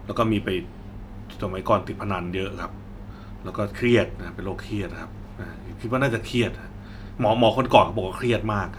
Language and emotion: Thai, neutral